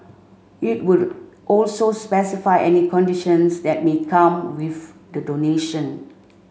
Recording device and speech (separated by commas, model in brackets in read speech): mobile phone (Samsung C5), read sentence